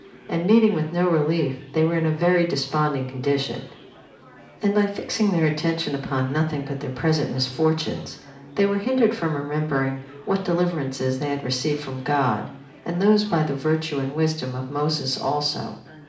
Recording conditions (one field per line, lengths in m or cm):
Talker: one person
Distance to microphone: 2.0 m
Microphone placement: close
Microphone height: 99 cm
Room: medium-sized (5.7 m by 4.0 m)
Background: babble